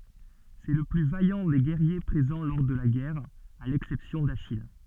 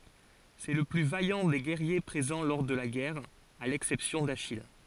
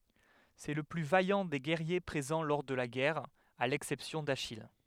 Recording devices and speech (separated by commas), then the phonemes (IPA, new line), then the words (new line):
soft in-ear microphone, forehead accelerometer, headset microphone, read sentence
sɛ lə ply vajɑ̃ de ɡɛʁje pʁezɑ̃ lɔʁ də la ɡɛʁ a lɛksɛpsjɔ̃ daʃij
C'est le plus vaillant des guerriers présents lors de la guerre, à l'exception d'Achille.